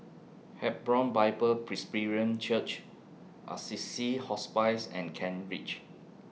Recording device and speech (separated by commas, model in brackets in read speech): mobile phone (iPhone 6), read sentence